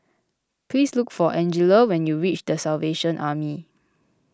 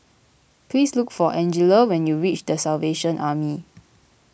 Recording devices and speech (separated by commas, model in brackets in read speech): close-talking microphone (WH20), boundary microphone (BM630), read sentence